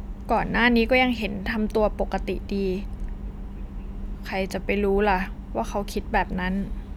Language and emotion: Thai, neutral